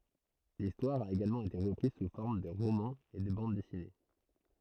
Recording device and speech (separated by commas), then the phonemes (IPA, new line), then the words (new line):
throat microphone, read sentence
listwaʁ a eɡalmɑ̃ ete ʁəpʁiz su fɔʁm də ʁomɑ̃z e də bɑ̃d dɛsine
L'histoire a également été reprise sous forme de romans et de bandes dessinées.